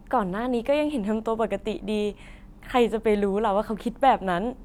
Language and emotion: Thai, happy